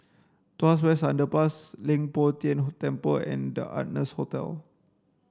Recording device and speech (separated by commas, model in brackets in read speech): standing microphone (AKG C214), read sentence